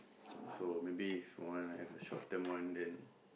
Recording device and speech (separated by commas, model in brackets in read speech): boundary microphone, conversation in the same room